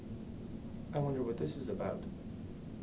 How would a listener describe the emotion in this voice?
neutral